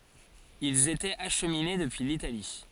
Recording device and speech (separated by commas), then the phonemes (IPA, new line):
forehead accelerometer, read sentence
ilz etɛt aʃmine dəpyi litali